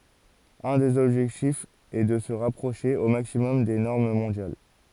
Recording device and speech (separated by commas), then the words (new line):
forehead accelerometer, read sentence
Un des objectifs est de se rapprocher au maximum des normes mondiales.